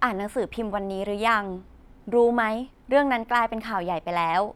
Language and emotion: Thai, neutral